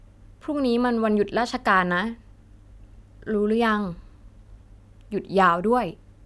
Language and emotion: Thai, neutral